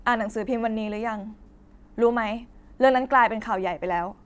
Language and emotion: Thai, sad